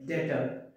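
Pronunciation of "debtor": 'Debtor' is pronounced correctly here.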